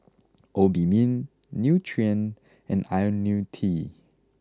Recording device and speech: close-talking microphone (WH20), read sentence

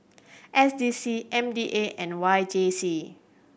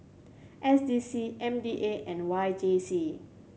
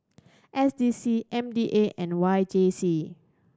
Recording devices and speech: boundary microphone (BM630), mobile phone (Samsung C7100), standing microphone (AKG C214), read sentence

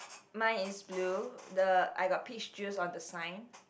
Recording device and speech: boundary microphone, conversation in the same room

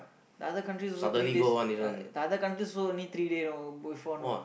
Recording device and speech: boundary microphone, conversation in the same room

